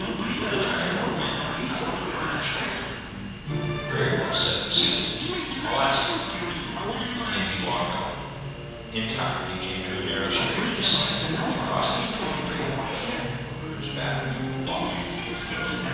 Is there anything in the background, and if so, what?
A television.